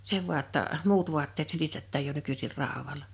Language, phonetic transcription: Finnish, se vu̬a ‿tta , "muut vuatteet 'silitettääj jo 'nykysir 'ràowala .
- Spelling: se vain jotta muut vaatteet silitetään jo nykyisin raudalla

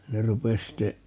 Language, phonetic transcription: Finnish, 'ne 'rupes sitte ,.
- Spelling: ne rupesi sitten

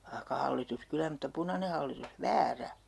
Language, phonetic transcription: Finnish, (v)aihka 'hallitus 'kylä mutta 'punane hallitus "väärä .
- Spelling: vaikka hallitus kyllä mutta punainen hallitus väärä

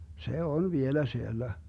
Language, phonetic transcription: Finnish, 'se "on 'vielä 'siellä .
- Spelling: se on vielä siellä

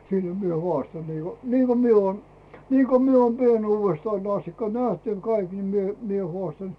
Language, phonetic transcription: Finnish, 'sillᴱ mie "hᵘàstan niiko , niiko mie oon , niiko mie oon "pienuuvestain ‿'astikka "näht ‿aiŋ "kaik ni mie mie hᵒàstan .
- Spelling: sillä minä haastan niin kuin niin kuin minä olen niin kuin minä olen pienuudestani asti nähnyt aina kaikki niin minä minä haastan

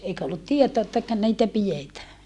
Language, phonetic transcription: Finnish, eikä ollut tietoa ettäkö niitä pijetää .
- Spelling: eikä ollut tietoa ettäkö niitä pidetään

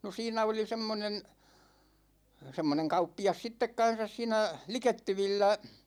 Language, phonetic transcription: Finnish, no 'siinä oli 'semmonen̬ , 'semmoneŋ 'kauppi₍as 'sittek 'kan̬sas siinä , "likettyvillä ,.
- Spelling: no siinä oli semmoinen semmoinen kauppias sitten kanssa siinä likettyvillä

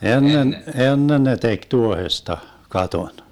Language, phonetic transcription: Finnish, 'ennen , 'ennen ne 'tek 'tuohesta , 'katon .
- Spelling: ennen ennen ne teki tuohesta katon

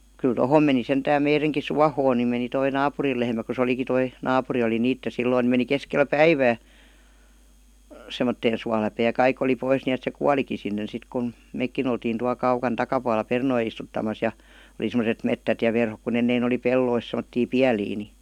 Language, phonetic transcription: Finnish, kyl "tohòm meni 'sentääm meireŋki "suahoon ni meni toi "naapuril lehmä ku se 'oliki 'toi , "naapuri oli "niitte 'silloin̆ ni meni 'keskel "päivää , 'semmotteen 'sualäpee ja 'kaik ‿oli 'pois ni₍et se "kualiki 'sinnen sit kun̬ , "meikkin ‿oltiin tual 'kaukan 'takapualla "pernoi istuttamas ja , °li semoset 'mettät ja 'verhok ku ennein ‿oli "pellois sem°ttii "piälii ni .
- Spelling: kyllä tuohon meni sentään meidänkin suohon niin meni tuo naapurin lehmä kun se olikin tuo naapuri oli niiden silloin niin meni keskellä päivää semmoiseen suoläpeen ja kaikki oli pois niin että se kuolikin sinne sitten kun mekin oltiin tuolla kaukana takapuolella perunoita istuttamassa ja oli semmoiset metsät ja verhot kun ennen oli pelloissa semmoisia pieliä niin

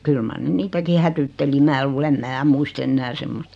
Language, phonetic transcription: Finnish, 'kyl mar 'ne "niitäki 'hätytteli 'mää luul ‿em 'mää "muist ‿ennää 'semmost .
- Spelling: kyllä mar ne niitäkin hätyytteli minä luulen en minä muista enää semmoista

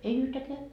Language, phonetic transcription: Finnish, ei "yhtäkeä .
- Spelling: ei yhtäkään

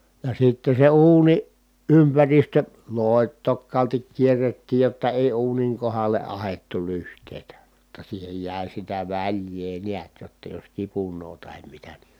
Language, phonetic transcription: Finnish, ja sitte se uuniʼ ʼympäristö lòi̮t̆tok̆kaaltik kierrettiij jotta èi uuniŋ kohalle ʼahettu lyht̀èitä , [jot]ta siihej jä̀i sitä väĺj̀ee niät jotta jos kipun̆noo tahem mitä ni ,.
- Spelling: ja sitten se uunin ympäristö loitokkaalti kierrettiin jotta ei uunin kohdalle ahdettu lyhteitä jotta siihen jäi sitä väljää näet jotta jos kipunoi tai mitä niin

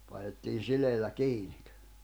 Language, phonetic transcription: Finnish, painettiin 'sileillä 'kiiɴɪk .
- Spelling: painettiin sileillä kiinni

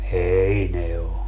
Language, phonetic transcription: Finnish, 'ei "ne o .
- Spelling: ei ne ole

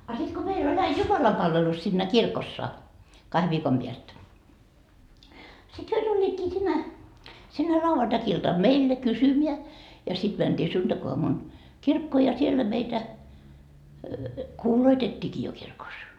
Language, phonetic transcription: Finnish, a sit ko 'meil ‿ol ‿ai "jumalampalvelus sinnä 'kirkossa , 'kahe viikom piäst , sit 'hyö 'tuĺĺiitkii sinne , sinne ĺauvantakiltam "meille 'kysymiä , ja siD mänDii 'sunDakoamun , 'kirkkoo ja 'siellä meitä "kuuloitet́t́iiki jo kirkos .
- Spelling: a sitten kun meillä oli aina jumalanpalvelus siinä kirkossa kahden viikon päästä sitten he tulivatkin sinne sinne lauantai-iltana meille kysymään ja sitten mentiin sunnuntaiaamuna kirkkoon ja siellä meitä kuuloitettiinkin jo kirkossa

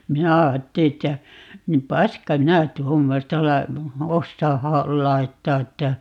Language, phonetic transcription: Finnish, "minä 'aatteli että , ni » "paska "minä "tuommosta la- , 'ossaa 'ha- , "lai̮ttaa » että ,.
- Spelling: minä ajattelin että niin paska minä tuommoista - osaa - laittaa että

